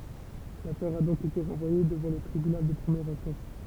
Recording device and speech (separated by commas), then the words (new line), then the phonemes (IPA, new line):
temple vibration pickup, read sentence
L'affaire a donc été renvoyée devant le tribunal de première instance.
lafɛʁ a dɔ̃k ete ʁɑ̃vwaje dəvɑ̃ lə tʁibynal də pʁəmjɛʁ ɛ̃stɑ̃s